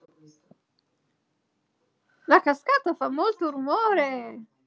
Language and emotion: Italian, happy